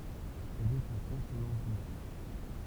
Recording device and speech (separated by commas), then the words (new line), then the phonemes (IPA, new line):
temple vibration pickup, read sentence
Elle est à consonance douce.
ɛl ɛt a kɔ̃sonɑ̃s dus